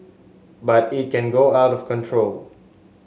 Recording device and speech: mobile phone (Samsung S8), read sentence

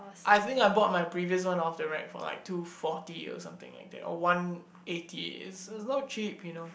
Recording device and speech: boundary microphone, conversation in the same room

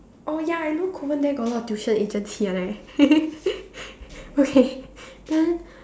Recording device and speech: standing microphone, conversation in separate rooms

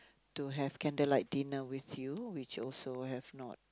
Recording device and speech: close-talking microphone, conversation in the same room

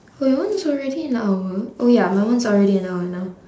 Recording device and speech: standing microphone, conversation in separate rooms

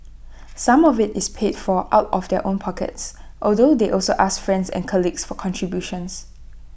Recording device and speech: boundary microphone (BM630), read sentence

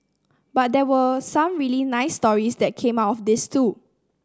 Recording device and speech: standing microphone (AKG C214), read sentence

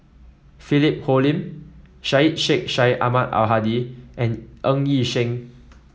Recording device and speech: mobile phone (iPhone 7), read sentence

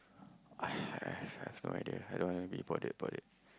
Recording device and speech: close-talking microphone, conversation in the same room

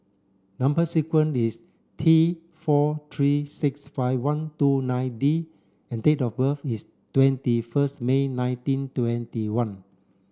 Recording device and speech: standing microphone (AKG C214), read sentence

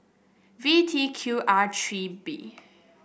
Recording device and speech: boundary microphone (BM630), read sentence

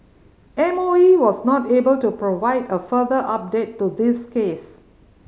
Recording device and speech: mobile phone (Samsung C5010), read sentence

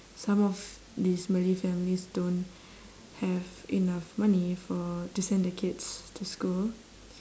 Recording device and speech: standing microphone, conversation in separate rooms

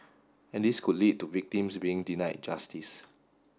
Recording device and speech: standing microphone (AKG C214), read sentence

